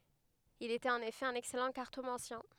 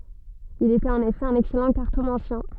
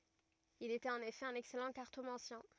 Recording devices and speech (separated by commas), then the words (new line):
headset microphone, soft in-ear microphone, rigid in-ear microphone, read sentence
Il était en effet un excellent cartomancien.